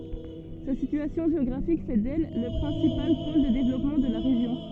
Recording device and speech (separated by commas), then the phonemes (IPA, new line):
soft in-ear microphone, read sentence
sa sityasjɔ̃ ʒeɔɡʁafik fɛ dɛl lə pʁɛ̃sipal pol də devlɔpmɑ̃ də la ʁeʒjɔ̃